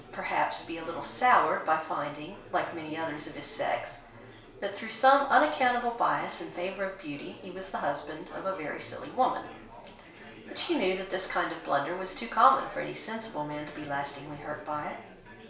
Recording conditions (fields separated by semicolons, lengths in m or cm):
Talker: one person; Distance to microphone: 1.0 m; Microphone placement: close; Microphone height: 1.1 m; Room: small (3.7 m by 2.7 m); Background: babble